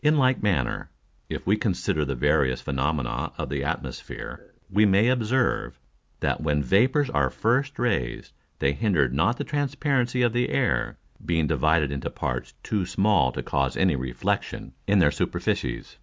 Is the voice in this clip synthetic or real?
real